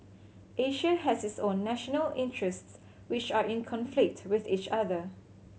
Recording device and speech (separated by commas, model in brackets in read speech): mobile phone (Samsung C7100), read sentence